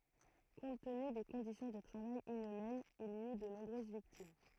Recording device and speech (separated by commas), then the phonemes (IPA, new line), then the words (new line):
throat microphone, read sentence
kɔ̃t təny de kɔ̃disjɔ̃ də tʁavaj inymɛnz il i y də nɔ̃bʁøz viktim
Compte tenu des conditions de travail inhumaines, il y eut de nombreuses victimes.